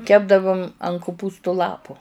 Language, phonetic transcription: Lithuanian, ˈkepdavum an kuˈpūstu ˈlapu

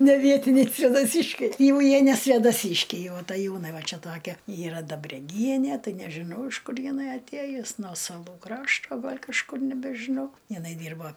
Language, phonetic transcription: Lithuanian, neˈvietiniai svėdaˈsyškiai ˈjau ˈjie ne svėdaˈsyškiai jau ataˈjūnai ˈva ˈčia ˈtokia ˈyra dabreˈgienie ˈtai nežiˈnau iš ˈkur jiˈnai atˈėjus nuo saˈlų ˈkrašto ˈgal' kažˈkur nebežiˈnau jiˈnai ˈdyrba

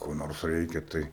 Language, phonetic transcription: Lithuanian, ko ˈnors ˈreikia tai

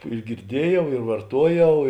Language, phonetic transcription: Lithuanian, ir girˈdiejau ir varˈtuojau

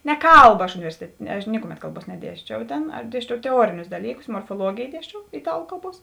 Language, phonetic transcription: Lithuanian, ne ˈkalba aš uniˈversitetė ne aš ˈnikuˌmet ˈkalˌbuos neˈdiesčiau ˈtėn aš ˈdiesčiau teˈuorinius ˈdalyˌkus morfoˈluogėj ˈdiesčiau iˈtalu ˈkalˌbuos

